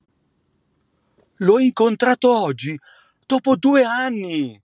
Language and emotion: Italian, surprised